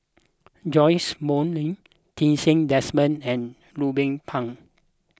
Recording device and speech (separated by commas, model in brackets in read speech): close-talking microphone (WH20), read sentence